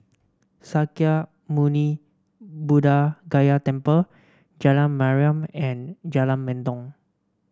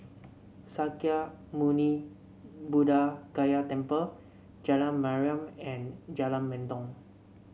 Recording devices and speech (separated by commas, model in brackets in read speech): standing microphone (AKG C214), mobile phone (Samsung C7), read sentence